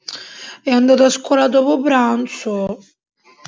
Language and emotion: Italian, sad